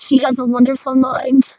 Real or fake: fake